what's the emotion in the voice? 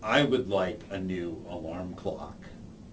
neutral